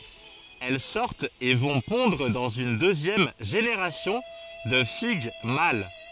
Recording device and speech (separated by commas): forehead accelerometer, read sentence